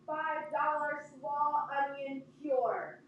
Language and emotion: English, neutral